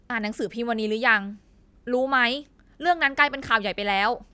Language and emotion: Thai, angry